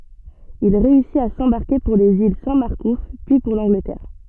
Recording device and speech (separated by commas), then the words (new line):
soft in-ear microphone, read sentence
Il réussit à s'embarquer pour les îles Saint-Marcouf, puis pour l'Angleterre.